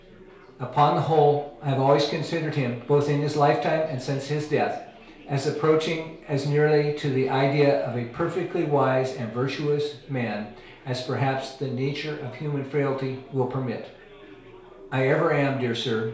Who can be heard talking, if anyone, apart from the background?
One person.